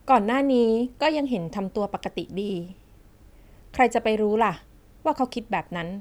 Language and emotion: Thai, neutral